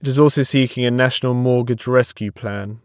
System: none